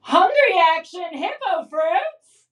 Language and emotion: English, happy